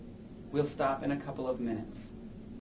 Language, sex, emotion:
English, male, neutral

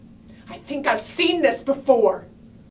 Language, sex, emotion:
English, female, angry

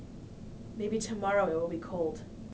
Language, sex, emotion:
English, female, neutral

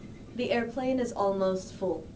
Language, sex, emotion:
English, female, neutral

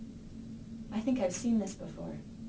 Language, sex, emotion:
English, female, neutral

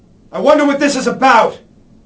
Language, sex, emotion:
English, male, angry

